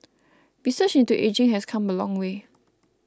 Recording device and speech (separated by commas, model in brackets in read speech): close-talking microphone (WH20), read sentence